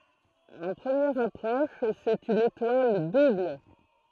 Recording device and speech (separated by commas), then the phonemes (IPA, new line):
throat microphone, read sentence
ɑ̃ pʁəmjɛʁ apʁɔʃ sɛt yn etwal dubl